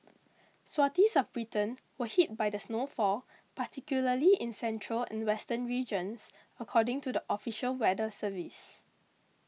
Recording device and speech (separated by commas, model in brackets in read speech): mobile phone (iPhone 6), read sentence